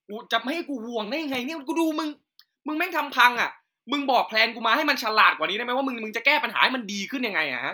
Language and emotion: Thai, angry